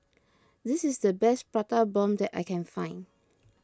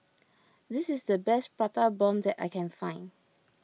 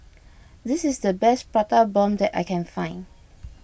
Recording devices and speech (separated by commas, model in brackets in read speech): close-talking microphone (WH20), mobile phone (iPhone 6), boundary microphone (BM630), read sentence